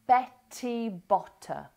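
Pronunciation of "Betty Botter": In 'Betty Botter', the t in both words is said as a full t sound, with air coming out on it.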